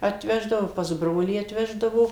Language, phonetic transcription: Lithuanian, atˈveždavo pas ˈbrolį atˈveždavo

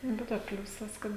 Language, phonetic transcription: Lithuanian, ˈbe to ˈpliūsas ˈkad

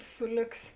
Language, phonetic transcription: Lithuanian, ˈsu ˈlioks'

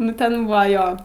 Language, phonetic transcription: Lithuanian, ˈnu ten ˈbūva ˈjo

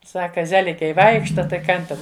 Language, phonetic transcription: Lithuanian, ˈsaka ˈzelikiai ˈvaikšta tai ˈkan ten

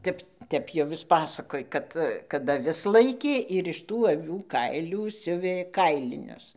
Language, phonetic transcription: Lithuanian, ˈtep ˈtep jau ˈjis ˈpasakoj ˈkad kad aˈvis ˈlaikė ir iš ˈtų aˈvių ˈkailių ˈsiuvė ˈkailinius

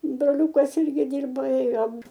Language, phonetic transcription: Lithuanian, broˈliūkas ˈirgi ˈdyrba ˈėjom

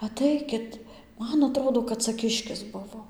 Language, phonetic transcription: Lithuanian, aˈtaikit ˈman aˈtrodo kad ˈca ˈkiškis ˈbuvo

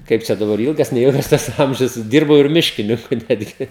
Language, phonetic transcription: Lithuanian, ˈkaip čia daˈbar ˈilgas neˈilgas ˈtas ˈamžius ˈdyrbau ir ˈmiškininku ˈnetgi

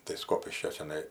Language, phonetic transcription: Lithuanian, tai ˈskopiškio čiaˈnai

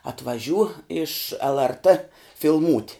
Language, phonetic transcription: Lithuanian, atvaˈžiū iš lrt filˈmūt'

